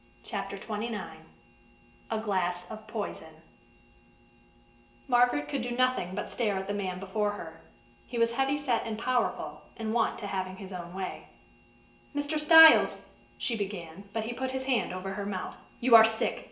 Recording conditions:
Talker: one person; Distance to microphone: 1.8 m; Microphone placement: close; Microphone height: 1.0 m; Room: large; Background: none

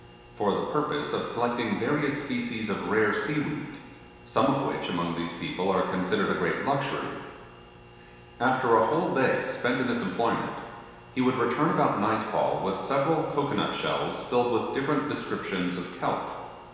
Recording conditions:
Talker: one person; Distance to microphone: 1.7 m; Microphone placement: close; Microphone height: 1.0 m; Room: very reverberant, large; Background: none

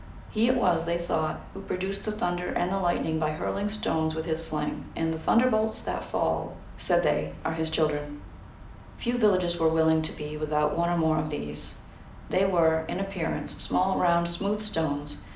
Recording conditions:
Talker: one person; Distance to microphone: 2.0 m; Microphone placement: close; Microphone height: 99 cm; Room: medium-sized (5.7 m by 4.0 m); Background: none

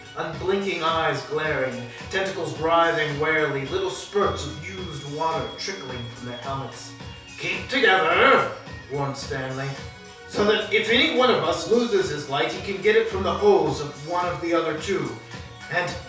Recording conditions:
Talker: one person; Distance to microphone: 3.0 m; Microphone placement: far; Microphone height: 1.8 m; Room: small (3.7 m by 2.7 m); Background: music

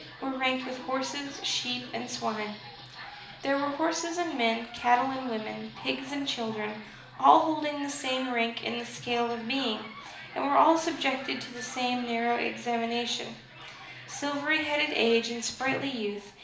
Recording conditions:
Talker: one person; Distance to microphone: 2.0 m; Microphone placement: close; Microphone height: 99 cm; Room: medium-sized (5.7 m by 4.0 m); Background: television

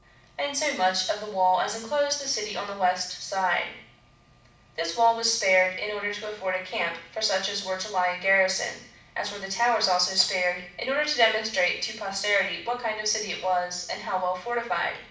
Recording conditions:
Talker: one person; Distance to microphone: 5.8 m; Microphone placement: far; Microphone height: 1.8 m; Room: medium-sized (5.7 m by 4.0 m); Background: none

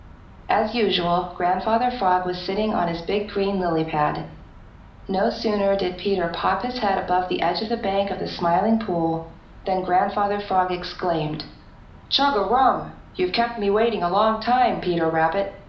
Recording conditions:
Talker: one person; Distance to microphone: 2.0 m; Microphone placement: close; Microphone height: 99 cm; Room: medium-sized (5.7 m by 4.0 m); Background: none

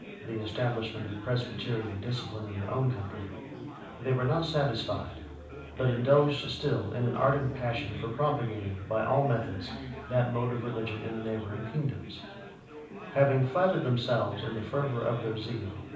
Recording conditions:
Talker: one person; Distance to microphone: 5.8 m; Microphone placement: far; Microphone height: 1.8 m; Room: medium-sized (5.7 m by 4.0 m); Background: babble

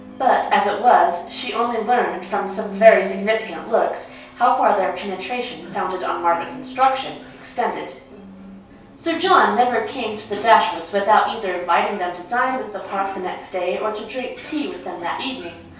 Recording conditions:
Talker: one person; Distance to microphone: 3.0 m; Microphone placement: far; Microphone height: 1.8 m; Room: small (3.7 m by 2.7 m); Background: television

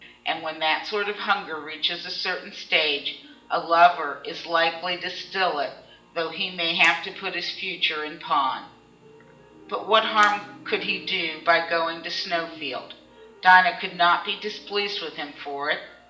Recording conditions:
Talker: one person; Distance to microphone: 1.8 m; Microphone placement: close; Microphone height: 1.0 m; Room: large; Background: music

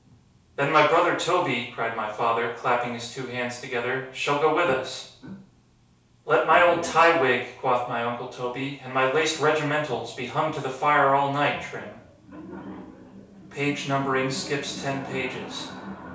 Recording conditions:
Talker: one person; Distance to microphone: 3.0 m; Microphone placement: far; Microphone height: 1.8 m; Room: small (3.7 m by 2.7 m); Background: television

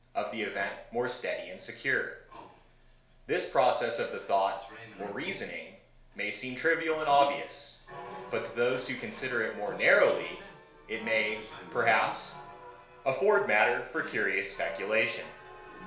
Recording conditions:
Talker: one person; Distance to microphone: 1.0 m; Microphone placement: close; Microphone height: 1.1 m; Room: small (3.7 m by 2.7 m); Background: television

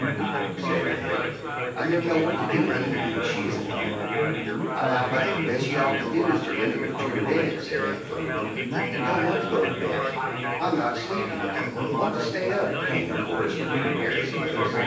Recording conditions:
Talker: one person; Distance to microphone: 9.8 m; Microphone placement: far; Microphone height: 1.8 m; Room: large; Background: babble

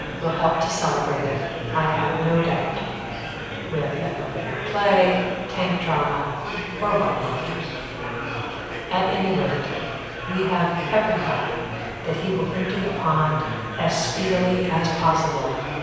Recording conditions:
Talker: one person; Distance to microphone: 7.1 m; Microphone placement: far; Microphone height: 1.7 m; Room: very reverberant, large; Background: babble

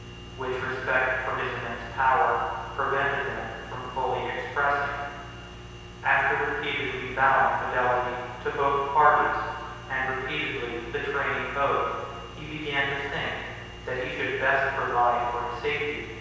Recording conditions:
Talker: one person; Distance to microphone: 7.1 m; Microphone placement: far; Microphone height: 1.7 m; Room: very reverberant, large; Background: none

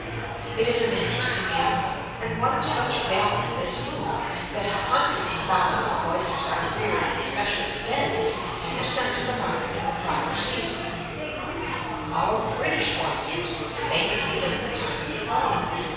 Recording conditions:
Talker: one person; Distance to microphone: 7.1 m; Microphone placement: far; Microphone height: 1.7 m; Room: very reverberant, large; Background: babble

